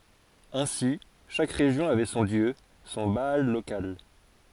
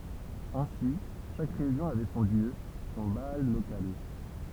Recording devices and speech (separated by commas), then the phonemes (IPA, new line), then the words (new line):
forehead accelerometer, temple vibration pickup, read sentence
ɛ̃si ʃak ʁeʒjɔ̃ avɛ sɔ̃ djø sɔ̃ baal lokal
Ainsi, chaque région avait son dieu, son Baal local.